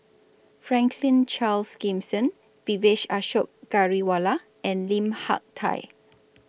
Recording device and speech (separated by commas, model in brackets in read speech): boundary microphone (BM630), read sentence